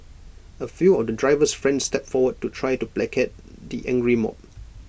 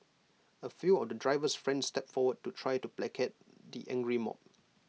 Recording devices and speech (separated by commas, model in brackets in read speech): boundary microphone (BM630), mobile phone (iPhone 6), read sentence